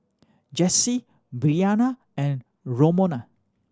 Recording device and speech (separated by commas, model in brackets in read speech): standing microphone (AKG C214), read sentence